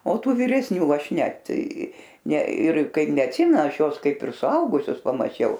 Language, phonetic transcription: Lithuanian, o ˈtų vyresˈnių ˈaš ˈnet ne ir ˈkaip neatˈsimen aš ˈjuos ˈkaip ir suˈaugusius pamaˈčiau

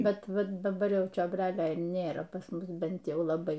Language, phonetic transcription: Lithuanian, ˈbet ˈva daˈbar ˈjau čiobˈrelio ir ˈnėra pas ˈmus ˈbent ˈjau laˈbai

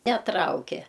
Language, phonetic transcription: Lithuanian, neˈtrauke

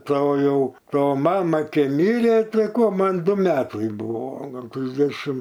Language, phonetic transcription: Lithuanian, ˈto ˈjau ˈto ˈmama ˈkei ˈmirė ˈtai ˈko ˈman ˈdu ˈmetai ˈbuvo ˈgal ˈtrisdešim

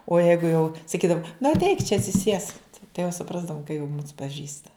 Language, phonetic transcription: Lithuanian, o ˈjeigu jau saˈkydav nu atˈeik čia atsiˈsiesk tai jau suˈprasdavum ka jau mūs paˈžįsta

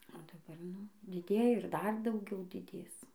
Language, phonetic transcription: Lithuanian, o daˈbar ˈnu diˈdėja ir ˈdar dauˈgiau diˈdės

